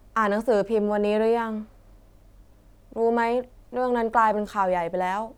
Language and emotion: Thai, frustrated